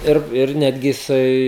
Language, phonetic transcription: Lithuanian, ˈir ˈir ˈnetgi jiˈsai

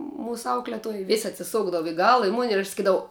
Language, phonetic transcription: Lithuanian, ˈmūsu ˈaukletuoj ˈvės' atsiˈsukdavu i ˈgala i mun' ir aš saˈkydavau

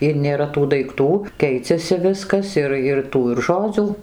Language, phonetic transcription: Lithuanian, ir nėˈra tų daikˈtų ˈkeiciasi ˈviskas ˈir ir ˈtų ir ˈžodzių

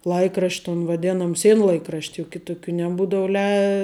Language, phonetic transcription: Lithuanian, ˈlaikrašt' ton vaˈdenom ˈsienlaikrašt' juk ˈkitukių neˈbūdau lei

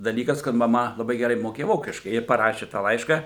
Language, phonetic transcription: Lithuanian, daˈlykas kad maˈma laˈbai geˈrai moˈkėja ˈvokiškai ir paˈraši tą ˈlaiška

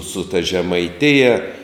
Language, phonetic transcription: Lithuanian, su ta žemaiˈtija

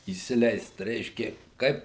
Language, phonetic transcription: Lithuanian, įsiˈleist ˈreiškė ˈkaip

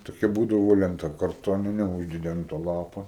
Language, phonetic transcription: Lithuanian, toˈkia ˈbūdavo lenˈta karˈtonine ˈuždedi an to ˈlapo

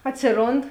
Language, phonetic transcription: Lithuanian, ˈatsiˌrond

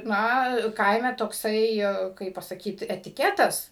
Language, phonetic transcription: Lithuanian, ˈna ˈkaime tokˈsai ˈkaip pasaˈkyt etiˈketas

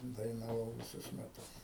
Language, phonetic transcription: Lithuanian, dainaˈvau viˈsus meˈtus

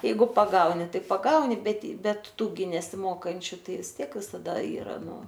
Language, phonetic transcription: Lithuanian, ˈjeigu paˈgauni ˈtai paˈgauni bet ˈbet ˈtų gi nesiˈmokančiu ˈtai vis ˈtiek visaˈda ˈyra ˈnu

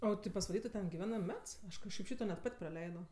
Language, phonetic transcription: Lithuanian, ˈo tai pasvaˈly tu ten giˈvenɜ ˈmets ˈaš kažˈkaip ˈšyto net ˈpat' praˈleido

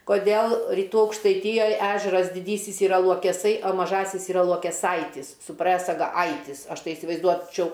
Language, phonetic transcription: Lithuanian, koˈdėl ryˈtų aukštaiˈtyjoj ˈežeras diˈdysis yˈra luokeˈsai o maˈžasis yˈra luokeˈsaitis su prɜsaga ˈaitis ˈaš ˈtai isivaizˈduočiau

